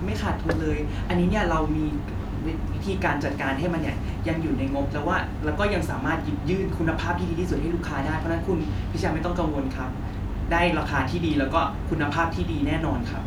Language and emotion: Thai, neutral